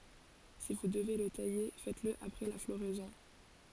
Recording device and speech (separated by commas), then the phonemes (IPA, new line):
forehead accelerometer, read sentence
si vu dəve lə taje fɛtəsl apʁɛ la floʁɛzɔ̃